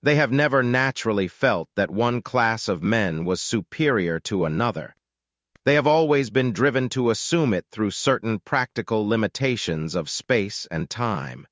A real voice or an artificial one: artificial